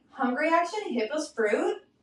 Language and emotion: English, disgusted